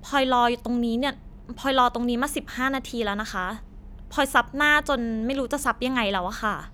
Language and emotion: Thai, frustrated